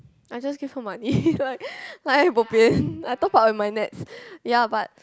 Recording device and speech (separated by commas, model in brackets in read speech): close-talking microphone, conversation in the same room